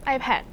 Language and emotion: Thai, neutral